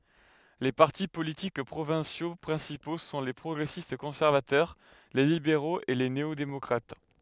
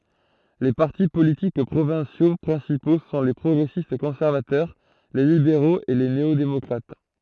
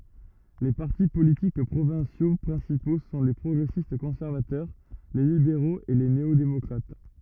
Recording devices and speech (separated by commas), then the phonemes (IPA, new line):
headset microphone, throat microphone, rigid in-ear microphone, read sentence
le paʁti politik pʁovɛ̃sjo pʁɛ̃sipo sɔ̃ le pʁɔɡʁɛsistkɔ̃sɛʁvatœʁ le libeʁoz e le neodemɔkʁat